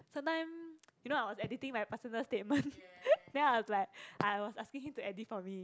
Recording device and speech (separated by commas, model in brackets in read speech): close-talking microphone, conversation in the same room